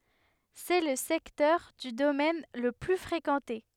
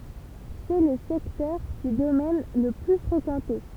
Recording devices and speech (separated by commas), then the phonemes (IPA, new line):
headset microphone, temple vibration pickup, read sentence
sɛ lə sɛktœʁ dy domɛn lə ply fʁekɑ̃te